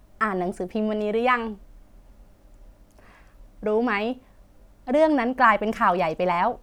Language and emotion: Thai, happy